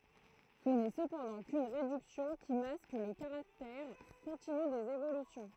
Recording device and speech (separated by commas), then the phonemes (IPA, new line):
throat microphone, read sentence
sə nɛ səpɑ̃dɑ̃ kyn ʁedyksjɔ̃ ki mask lə kaʁaktɛʁ kɔ̃tiny dez evolysjɔ̃